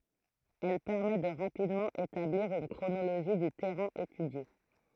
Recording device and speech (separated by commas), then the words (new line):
throat microphone, read sentence
Elle permet de rapidement établir une chronologie du terrain étudié.